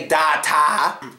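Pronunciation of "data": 'data' is pronounced incorrectly here.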